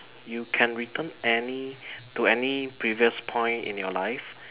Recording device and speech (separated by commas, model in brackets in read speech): telephone, conversation in separate rooms